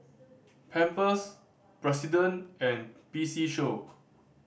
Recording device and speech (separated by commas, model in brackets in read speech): boundary microphone (BM630), read sentence